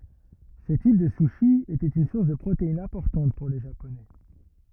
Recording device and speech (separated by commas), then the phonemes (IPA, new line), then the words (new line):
rigid in-ear microphone, read sentence
sə tip də suʃi etɛt yn suʁs də pʁoteinz ɛ̃pɔʁtɑ̃t puʁ le ʒaponɛ
Ce type de sushi était une source de protéines importante pour les Japonais.